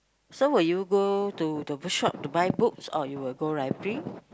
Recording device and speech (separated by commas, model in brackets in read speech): close-talking microphone, conversation in the same room